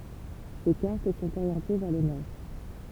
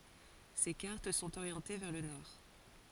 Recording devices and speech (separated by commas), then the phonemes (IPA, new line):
temple vibration pickup, forehead accelerometer, read sentence
se kaʁt sɔ̃t oʁjɑ̃te vɛʁ lə nɔʁ